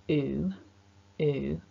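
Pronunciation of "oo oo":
The oo sound has no hiss and is nothing like an s or an sh. It is a long vowel.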